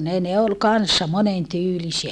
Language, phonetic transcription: Finnish, ne ne ol kanssa monen tyylisiä .
- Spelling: ne ne oli kanssa monen tyylisiä

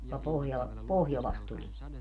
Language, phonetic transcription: Finnish, joka 'pohja- , "pohjolast 'tulie .
- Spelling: joka - pohjolasta tulee

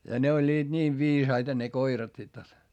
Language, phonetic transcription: Finnish, ja ne oĺĺiiD niiv viisaita ne koirat sit jot .
- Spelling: ja ne olivat niin viisaita ne koirat sitten jotta

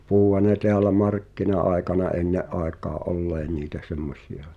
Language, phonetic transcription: Finnish, 'puʰuha ne teälä "markkina’àekana '’enne’ ’àek̀aa’ "’ollee niitä 'semmos̳̀ia .
- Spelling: puhuihan ne täällä markkina-aikana ennen aikaan olleen niitä semmoisia

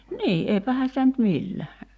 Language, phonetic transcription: Finnish, "nii 'eipähän̬ sitä nyt 'millä !
- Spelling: niin eipähän sitä nyt millä

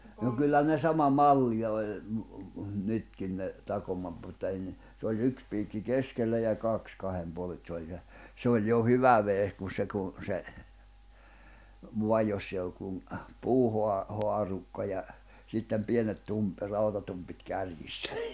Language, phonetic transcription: Finnish, no kyllä ne 'sama "malli oĺ , mᵘ 'nytkin ne , 'takoma- mutta enne , se oĺ 'yks piikki "keskellä ja 'kàks 'kahem 'puol[en] et se oĺ (se) , 'se oĺ jo "hyvä vehek kun̬ 'se kun̬ , 'se , 'vua joss ‿èi olluk kun , 'puuhoa- , -'hoarukka ja , 'sittem 'pienet 'tum- , 'rautatumpit 'kärjissä .
- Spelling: no kyllä ne sama malli oli - nytkin ne - mutta ennen se oli yksi piikki keskellä ja kaksi kahden puolen että se oli se se oli jo hyvä vehje kun se kun se vain jossa ei ollut kuin - puuhaarukka ja sitten pienet - rautatumpit kärjissä

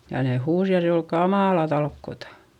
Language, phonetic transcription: Finnish, ja ne huus ja se ol kamàla talkkota .
- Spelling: ja ne huusi ja se oli kamalaa talkoota

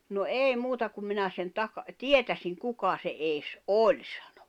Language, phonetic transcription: Finnish, » no "èi 'muuta kum minä sen 'taka- "tietäsiŋ 'kuka se '’ees "’oĺ « sᴀɴᴏ .
- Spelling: no ei muuta kun minä sen - tietäisin kuka se edes oli sanoi

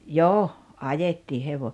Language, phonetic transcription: Finnish, jo , "ajettii 'hevo- .
- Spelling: jo ajettiin -

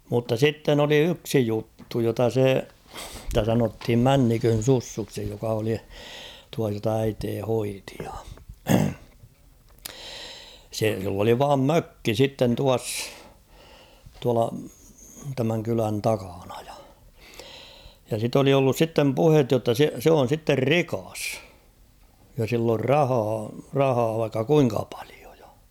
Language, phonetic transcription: Finnish, mutta "sitten ‿oli "yksi 'juttu jota 'se , sⁱtä sanothim "Männikön̬ 'Sussuksi joka oli , tua jota 'äitee 'hoitɪ ᴊᴀ ; 'se , sill ‿oli 'vaam "mökki "sitten 'tuass , tuala tämäŋ 'kylän "takaɴᴀ ᴊᴀ ; ja sit ‿oli ollus 'sittem "puhet jotta 'se , 'se on̬ sitter "rikas , ja sill ‿or "rahaa , 'rahaa vaikka 'kuiŋka pᴀʟɪᴏ ᴊᴀ .
- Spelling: mutta sitten oli yksi juttu jota se sitä sanottiin Männikön Sussuksi joka oli tuo jota äiti hoiti ja se sillä oli vain mökki sitten tuossa tuolla tämän kylän takana ja ja sitä oli ollut sitten puhetta jotta se se on sitten rikas ja sillä on rahaa rahaa vaikka kuinka paljon ja

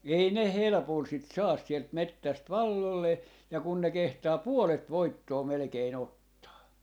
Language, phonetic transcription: Finnish, 'ei ne "helᵉpol sit "saas sielt "mettäst "vallollee , ja kun ne 'kehtaa "puolet "voittoo 'melᵉkee'n ‿ot-taa .
- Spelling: ei ne helpolla sitä saa sieltä metsästä valloilleen ja kun ne kehtaa puolet voittoa melkein ottaa

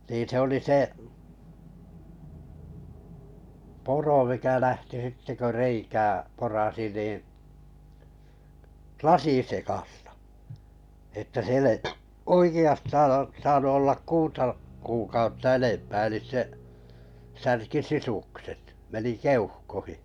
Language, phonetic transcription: Finnish, nii 'se oli 'se , 'puro mikä 'lähti 'sitte kö 'reikää 'porasi nì , "lasisekastᴀ , että 'siel ‿ei , 'oiki₍astaan o- , saanu 'ollak "kuuta , 'kuukautta 'enempää elis se , 'särki "sisukset , 'meni "keuhkohi .
- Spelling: niin se oli se puro mikä lähti sitten kun reikää porasi niin lasinsekaista että siellä ei oikeastaan - saanut olla kuuta kuukautta enempää eli se särki sisukset meni keuhkoihin

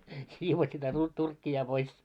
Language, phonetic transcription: Finnish, 'siivos sitä tu- , 'turkki₍a pois .
- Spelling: siivosi sitä - turkkia pois

